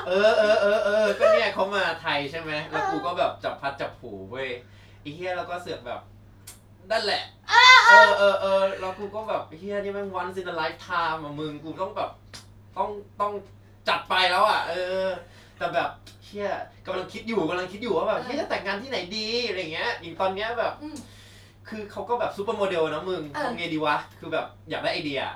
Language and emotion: Thai, happy